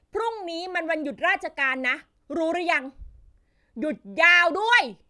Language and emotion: Thai, angry